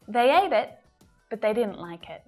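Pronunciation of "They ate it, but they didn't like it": In 'They ate it, but they didn't like it', the word 'but' is unstressed.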